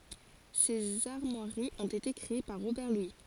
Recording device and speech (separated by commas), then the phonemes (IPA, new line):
forehead accelerometer, read sentence
sez aʁmwaʁiz ɔ̃t ete kʁee paʁ ʁobɛʁ lwi